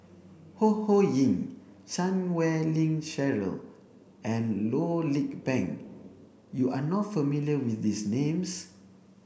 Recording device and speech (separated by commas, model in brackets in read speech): boundary microphone (BM630), read sentence